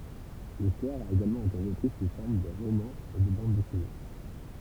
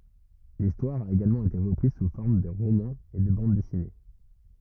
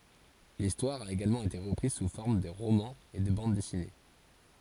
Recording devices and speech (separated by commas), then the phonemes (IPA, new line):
temple vibration pickup, rigid in-ear microphone, forehead accelerometer, read sentence
listwaʁ a eɡalmɑ̃ ete ʁəpʁiz su fɔʁm də ʁomɑ̃z e də bɑ̃d dɛsine